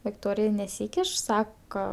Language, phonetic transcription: Lithuanian, vikˈtorija neˈsykiš saka

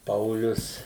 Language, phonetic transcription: Lithuanian, ˈpaulius

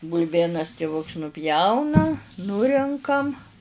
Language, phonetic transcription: Lithuanian, bulˈbėnas tiˈvuks nuˈpjauna ˈnurenkam

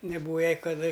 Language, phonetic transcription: Lithuanian, neˈbūva ˈjai kaˈda

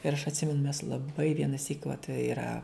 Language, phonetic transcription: Lithuanian, ir aš atˈsimenu mes laˈbai vienaˈsyk vat yˈra

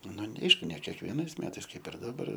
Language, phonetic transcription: Lithuanian, ˈnu ne ˈaišku ne kiekvieˈnais ˈmetais ˈkaip ir daˈbar

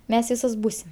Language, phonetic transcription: Lithuanian, ˈmes ˈvysos ˈbūsim

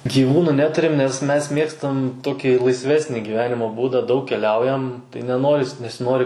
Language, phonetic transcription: Lithuanian, gyˈvūnu ˈneturim nes ˈmes ˈmėgstam ˈtokį laisˈvesni gyˈvenimo ˈbūda ˈdaug keˈliaujam tai neˈnoris nesiˈnori

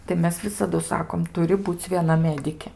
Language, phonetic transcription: Lithuanian, tai ˈmes ˈvisadu ˈsakom ˈturi ˈbūc' vieˈna ˈmedikė

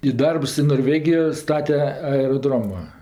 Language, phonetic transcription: Lithuanian, i ˈdarbs i norˈvegijo ˈstate aeroˈdroma

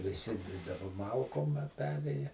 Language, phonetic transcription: Lithuanian, viˈsi daˈba ˈmalkom a ˈperėja

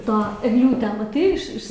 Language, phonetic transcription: Lithuanian, ˈto egˈliūtę maˈtai iš ˈiš

